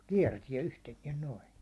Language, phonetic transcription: Finnish, kiɛrtiɛ 'yhteniɛn 'noi .
- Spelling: kiertää yhtenään noin

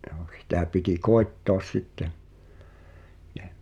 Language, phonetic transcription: Finnish, ’Jᴏᴏ , sⁱtä piti "koettòᵃs sitten̬ , ᴊᴀ̈ ,.
- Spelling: joo sitä piti koettaa sitten ja

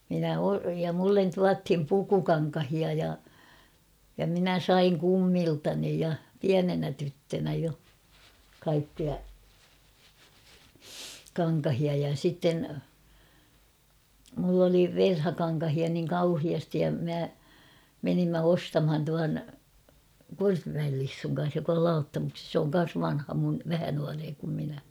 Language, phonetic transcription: Finnish, minä o- ja 'mullen "tuathim "pukukaŋkahia ja , ja 'minä ''saiŋ ''kummiltani ja , 'piänenä tyttönä 'jo , kaikkia , 'kaŋkahia ja 'sitten , mull ‿oli "verhakaŋkahia niŋ 'kauhiastij ja mä , menimmä "ostamhan tuan , 'Korpimäel Lissuŋ kan̬s jok ‿ol "Lauttamukses sᵉ ‿oŋ 'kan̬s 'vanha mun , 'vähä nuaree kum minä .
- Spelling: minä - ja minulle tuotiin pukukankaita ja ja minä sain kummiltani ja pienenä tyttönä jo kaikkia kankaita ja sitten minulla oli verhokankaita niin kauheasti ja minä menimme ostamaan tuon Korpimäen Lissun kanssa joka oli Lauttamuksesta se on kanssa vanha minun vähän nuorempi kuin minä

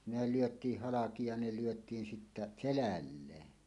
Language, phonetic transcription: Finnish, 'ne "lyöt̀iih "halaki ja ne lyöt̀iin 'sittä , "selälleen .
- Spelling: ne lyötiin halki ja ne lyötiin sitten selälleen

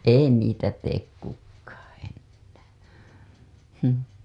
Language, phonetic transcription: Finnish, ei 'niitä teek kukkAA ennÄÄ , həm .
- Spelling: ei niitä tee kukaan enää mm

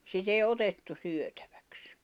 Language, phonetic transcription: Finnish, sit ‿èi "otettu 'syötᴀ̈ᴠᴀ̈ks .
- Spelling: sitä ei otettu syötiksi

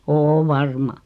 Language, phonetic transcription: Finnish, 'oo "varma .
- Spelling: on varma

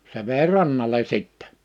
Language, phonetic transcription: Finnish, se 'vèi "rannale 'sittɛ .
- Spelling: se vei rannalle sitten

